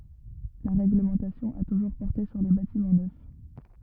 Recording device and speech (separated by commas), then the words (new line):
rigid in-ear microphone, read sentence
La règlementation a toujours porté sur les bâtiments neufs.